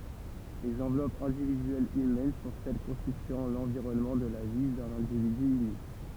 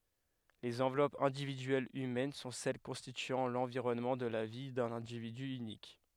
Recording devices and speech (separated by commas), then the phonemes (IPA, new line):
temple vibration pickup, headset microphone, read sentence
lez ɑ̃vlɔpz ɛ̃dividyɛlz ymɛn sɔ̃ sɛl kɔ̃stityɑ̃ lɑ̃viʁɔnmɑ̃ də la vi dœ̃n ɛ̃dividy ynik